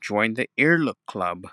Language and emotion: English, sad